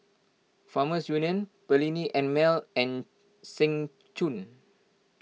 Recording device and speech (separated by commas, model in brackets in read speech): mobile phone (iPhone 6), read sentence